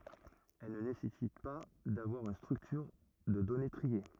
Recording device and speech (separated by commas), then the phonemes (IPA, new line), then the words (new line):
rigid in-ear microphone, read sentence
ɛl nə nesɛsit pa davwaʁ yn stʁyktyʁ də dɔne tʁie
Elle ne nécessite pas d'avoir une structure de données triée.